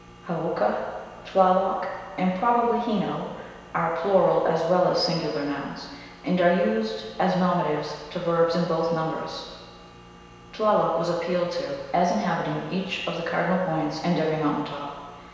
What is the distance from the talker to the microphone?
1.7 m.